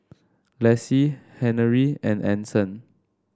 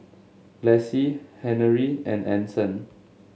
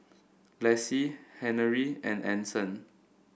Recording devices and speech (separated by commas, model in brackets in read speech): standing microphone (AKG C214), mobile phone (Samsung S8), boundary microphone (BM630), read sentence